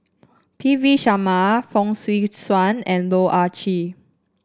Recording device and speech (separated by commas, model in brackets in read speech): standing microphone (AKG C214), read sentence